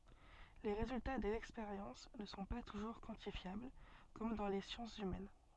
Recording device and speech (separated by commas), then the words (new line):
soft in-ear microphone, read sentence
Les résultats des expériences ne sont pas toujours quantifiables, comme dans les sciences humaines.